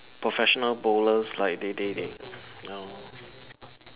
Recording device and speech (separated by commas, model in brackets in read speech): telephone, conversation in separate rooms